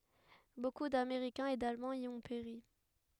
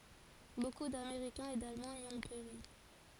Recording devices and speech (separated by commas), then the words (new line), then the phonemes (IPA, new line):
headset microphone, forehead accelerometer, read sentence
Beaucoup d'Américains et d'Allemands y ont péri.
boku dameʁikɛ̃z e dalmɑ̃z i ɔ̃ peʁi